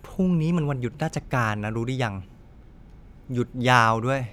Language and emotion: Thai, frustrated